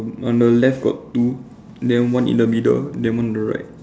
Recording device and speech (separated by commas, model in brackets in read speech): standing microphone, conversation in separate rooms